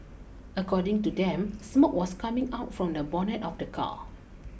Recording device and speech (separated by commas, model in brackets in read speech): boundary microphone (BM630), read sentence